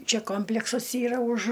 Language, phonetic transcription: Lithuanian, ˈčia ˈkompleksas ˈyra už

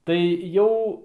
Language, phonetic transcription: Lithuanian, tai ˈjau

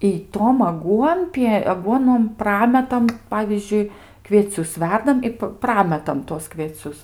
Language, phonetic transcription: Lithuanian, i ˈtom aˈguonpie aˈguonom ˈprametam ˈpavyzdžiui kvieˈcius ˈverdam i p ˈprametam tuos kvieˈcius

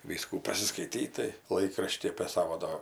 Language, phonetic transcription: Lithuanian, ˈvyskų pasiskaiˈtyt tai ˈlaikrašty apė ˈsavo do

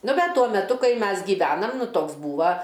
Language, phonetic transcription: Lithuanian, ˈnu ˈbet ˈtuo meˈtu ˈkai ˈmes gyˈvenam ˈnu ˈtoks ˈbūva

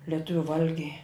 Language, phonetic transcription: Lithuanian, leˈtuviu ˈvalgiai

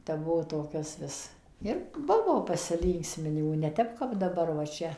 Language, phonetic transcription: Lithuanian, tep ˈbuvo toˈkias ˈvis ir ˈbuvo pasiˈlynksminimų neˈtep kap daˈbar va ˈčia

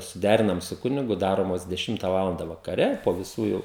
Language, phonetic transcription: Lithuanian, suˈderinam su ˈkunigu ˈdaromos deˈšimta ˈvalanda vakaˈre po viˈsų jau

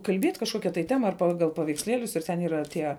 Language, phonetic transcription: Lithuanian, kalˈbiet kažˈkokia tai ˈtema ar ˈpagal paveiksˈlielius ir ˈten yˈra ˈtie

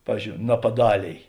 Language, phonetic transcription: Lithuanian, ˈpavyzdžiou napaˈdalėj

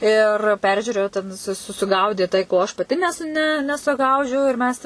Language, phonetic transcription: Lithuanian, ir ˈperžiūrėju ten su suˈgaudė tai ko aš paˈti nes ˈne nesuˈgaudžiau ir ˈmes

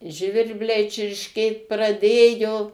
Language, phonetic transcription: Lithuanian, ˈžvirbliai čiršˈkėt praˈdėjo

